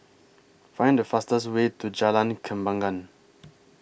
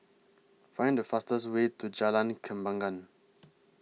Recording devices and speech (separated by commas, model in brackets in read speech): boundary microphone (BM630), mobile phone (iPhone 6), read sentence